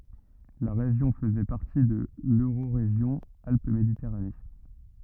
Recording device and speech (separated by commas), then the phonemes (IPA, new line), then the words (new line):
rigid in-ear microphone, read sentence
la ʁeʒjɔ̃ fəzɛ paʁti də løʁoʁeʒjɔ̃ alp meditɛʁane
La région faisait partie de l'Eurorégion Alpes-Méditerranée.